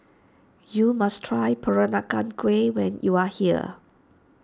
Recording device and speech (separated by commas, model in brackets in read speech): standing microphone (AKG C214), read sentence